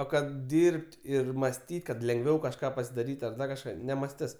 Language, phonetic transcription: Lithuanian, o ˈkad ˈdyrb't' ir masˈtyt' kad lengˈviau kažˈką pasidaˈryt' ti ar ˈdar kažˈką nemasˈtis

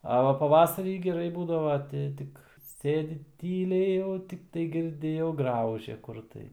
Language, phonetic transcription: Lithuanian, a ˈva paˈvasarį geˈrai ˈbūdava ˈti ˈtik ˈsėdi ˈtyliai jau tikˈtai girˈdi jau ˈgraužia ˈkur tai

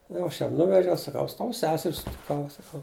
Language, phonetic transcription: Lithuanian, jau ˈaš ˈjam ˈnuvežiau saˈkau ˈaš ˈtau ˈseser' sutiˈkau saˈkau

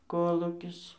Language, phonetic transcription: Lithuanian, ˈkolūkis

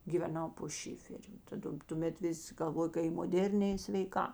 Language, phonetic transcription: Lithuanian, giveˈnau po ˈšiferiu taˈda tuˈmet ˈvis' galˈvojo ka i moˈdėrnė i sveiˈkā

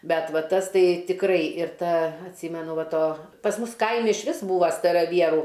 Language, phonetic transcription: Lithuanian, ˈbet ˈva ˈtas ˈtai tikˈrai ir ˈta atˈsymenu ˈva ˈto pas ˈmus ˈkaimi išˈvis ˈbūva staraˈvierų

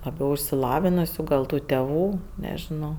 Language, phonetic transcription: Lithuanian, laˈbiau išsiˈlavinusiu gal ˈtų teˈvų nežiˈnau

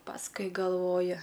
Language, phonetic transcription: Lithuanian, pasˈkui galˈvoju

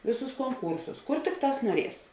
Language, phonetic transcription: Lithuanian, ˈvėˌsūs konˈkūrsus ˈkur ˈtikˌtās nuoˈries

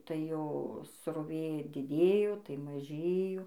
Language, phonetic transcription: Lithuanian, tai ˈjo sroˈvė diˈdėjo tai maˈžėjo

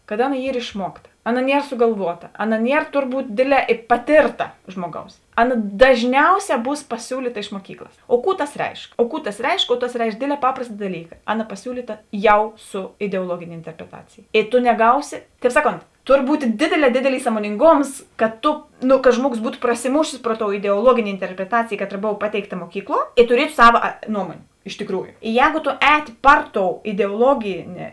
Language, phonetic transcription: Lithuanian, kad ˈaˌna ˈyr išˈmuokta ˈaˌna ˈnier sugalˈvuota ˈaˌna ˈnier turˈbūt ˈdėdˌlē i paˈtėrta ˈžmuoˌgaus ˈaˌna daˈžniauˌsē ˈbūs paˈsiūlyta iš muoˈkyklas o ˈkų tas ˈreišk oˈkų tas ˈreišk o tas ˈreišk ˈdėdˌlē ˈpaprasta daˈlyka ˈaˌna paˈsiūlyta ˈjau su ideuoˈluogėnė interpreˈtacėjė i to neˈgausi tēp ˈsaˌkont ˈtor ˈbūt ˈdėdėˌlē ˈdėdėlˌys samoninˈgoms kad ˈto nu kad ˈžmuoˌgos ˈbūtu prasiˈmūšės ˈpro ˌtou ideuoˈluogėnė interpreˈtacėjė ˈkaˌtra ˈbova ˈpateikˌta muoˈkykˌluo i tuˈrietu ˈsava a ˈnuomuonė iš tiˈkrūju ˈjēgo to ˈēti ˈpar ˌtou ideoˈloginė

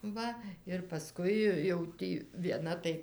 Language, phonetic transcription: Lithuanian, ˈva ir paˈskui jau ˈtį vieˈna tai

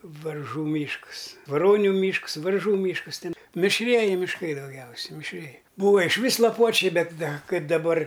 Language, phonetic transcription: Lithuanian, varˈžų ˈmyšks vaˈroniu ˈmyšks ˈvarˈžų ˈmyškas ˈten mišˈrieji mišˈkai dauˈgiausia mišˈrieji ˈbūva išˈvys laˈpuočiai ˈbet ˈda ˈkaip daˈbar

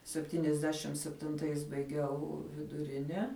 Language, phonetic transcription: Lithuanian, sepˈtyniasˌdešim septinˈtais baiˈgiau viduˈrine

